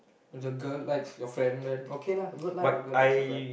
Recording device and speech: boundary microphone, conversation in the same room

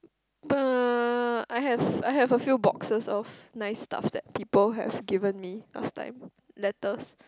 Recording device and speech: close-talking microphone, conversation in the same room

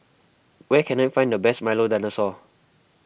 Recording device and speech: boundary microphone (BM630), read sentence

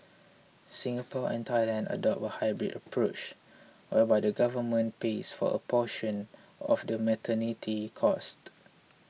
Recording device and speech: mobile phone (iPhone 6), read sentence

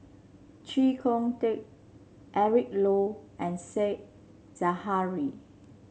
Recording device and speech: mobile phone (Samsung C7), read sentence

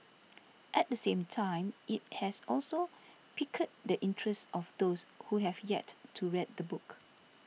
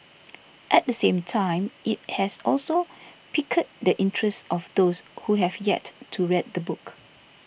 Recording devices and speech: mobile phone (iPhone 6), boundary microphone (BM630), read sentence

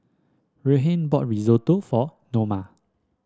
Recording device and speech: standing microphone (AKG C214), read sentence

